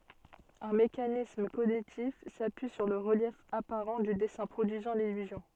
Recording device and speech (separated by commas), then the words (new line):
soft in-ear microphone, read sentence
Un mécanisme cognitif s'appuie sur le relief apparent du dessin produisant l'illusion.